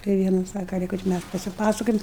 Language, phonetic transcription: Lithuanian, tai ˈviena ˈsaka ˈlyka čia ˈmæs pasiˈpasakojam

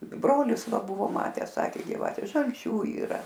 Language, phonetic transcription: Lithuanian, ˈbrolis ˈva ˈbuvo ˈmatęs ˈsakė giˈvate žalˈčių yˈra

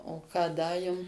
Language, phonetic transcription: Lithuanian, o ˈką ˈda ˈjum

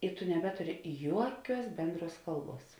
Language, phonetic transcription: Lithuanian, i tu neˈbeturi ˈjuoˌkiuos ˈbenˌdruos ˈkalˌbuos

